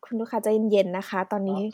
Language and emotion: Thai, neutral